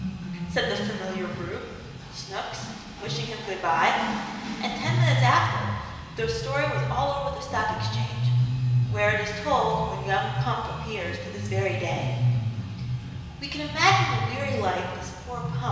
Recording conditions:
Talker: one person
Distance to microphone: 1.7 m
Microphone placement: close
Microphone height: 1.0 m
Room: very reverberant, large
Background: music

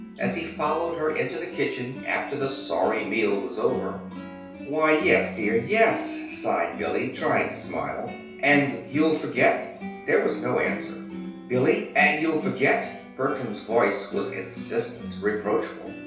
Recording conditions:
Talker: one person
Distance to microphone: 3.0 m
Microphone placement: far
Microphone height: 1.8 m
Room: small (3.7 m by 2.7 m)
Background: music

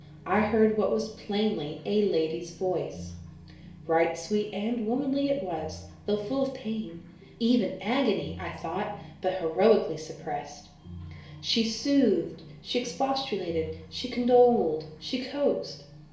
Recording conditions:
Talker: one person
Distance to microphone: 1.0 m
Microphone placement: close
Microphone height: 1.1 m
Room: small (3.7 m by 2.7 m)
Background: music

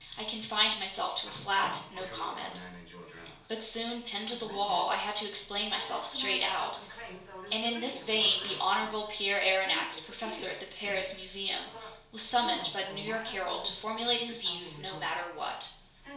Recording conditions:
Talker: one person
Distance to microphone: 1.0 m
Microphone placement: close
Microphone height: 1.1 m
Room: small (3.7 m by 2.7 m)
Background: television

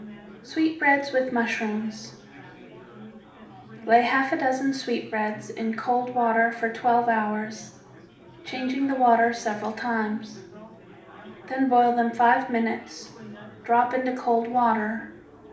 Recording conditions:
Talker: one person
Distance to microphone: 2.0 m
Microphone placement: close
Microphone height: 99 cm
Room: medium-sized (5.7 m by 4.0 m)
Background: babble

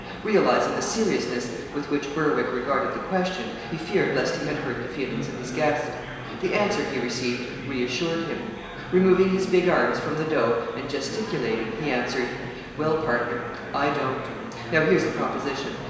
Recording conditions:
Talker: one person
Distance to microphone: 1.7 m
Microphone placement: close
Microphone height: 1.0 m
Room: very reverberant, large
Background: babble

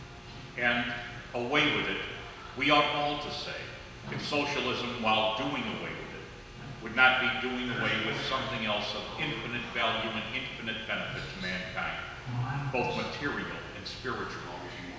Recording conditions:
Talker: one person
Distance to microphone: 1.7 m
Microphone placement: close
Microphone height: 1.0 m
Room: very reverberant, large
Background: television

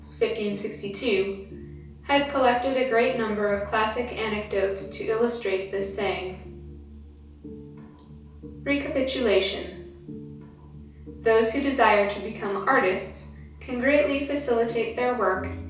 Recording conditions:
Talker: one person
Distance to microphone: 3.0 m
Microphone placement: far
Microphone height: 1.8 m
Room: small (3.7 m by 2.7 m)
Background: music

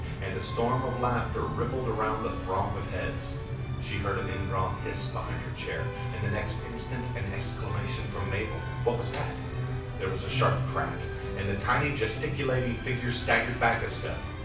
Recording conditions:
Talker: one person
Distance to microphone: 5.8 m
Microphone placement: far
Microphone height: 1.8 m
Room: medium-sized (5.7 m by 4.0 m)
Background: music

